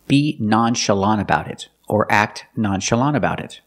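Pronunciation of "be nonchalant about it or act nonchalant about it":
In 'nonchalant about it', the t at the end of 'nonchalant' is hardly heard when it links to 'about'.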